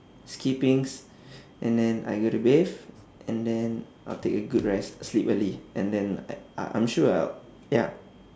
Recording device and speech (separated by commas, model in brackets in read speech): standing microphone, conversation in separate rooms